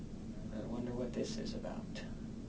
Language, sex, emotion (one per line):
English
male
fearful